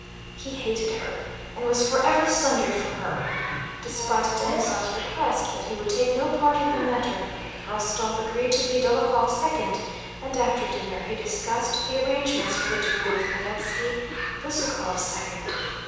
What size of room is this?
A large, echoing room.